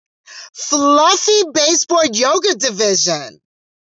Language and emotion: English, happy